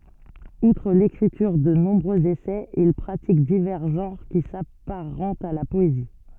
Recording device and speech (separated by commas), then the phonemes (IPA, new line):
soft in-ear microphone, read sentence
utʁ lekʁityʁ də nɔ̃bʁøz esɛz il pʁatik divɛʁ ʒɑ̃ʁ ki sapaʁɑ̃tt a la pɔezi